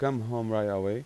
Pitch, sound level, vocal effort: 115 Hz, 88 dB SPL, normal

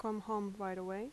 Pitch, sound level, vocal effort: 205 Hz, 81 dB SPL, soft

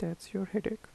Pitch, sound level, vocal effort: 200 Hz, 78 dB SPL, soft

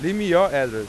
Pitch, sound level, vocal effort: 165 Hz, 99 dB SPL, very loud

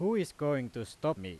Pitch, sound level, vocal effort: 145 Hz, 93 dB SPL, very loud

